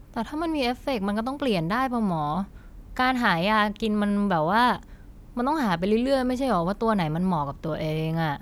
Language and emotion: Thai, frustrated